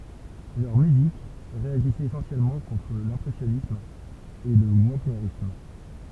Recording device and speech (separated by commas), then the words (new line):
temple vibration pickup, read sentence
Leur musique réagissait essentiellement contre l'impressionnisme et le wagnérisme.